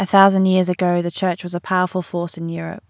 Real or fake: real